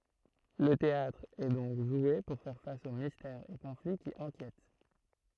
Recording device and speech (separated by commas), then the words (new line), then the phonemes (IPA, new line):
throat microphone, read sentence
Le théâtre est donc joué pour faire face aux mystères et conflits qui inquiètent.
lə teatʁ ɛ dɔ̃k ʒwe puʁ fɛʁ fas o mistɛʁz e kɔ̃fli ki ɛ̃kjɛt